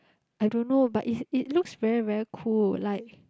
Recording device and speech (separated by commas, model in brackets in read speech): close-talking microphone, conversation in the same room